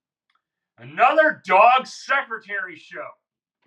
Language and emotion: English, angry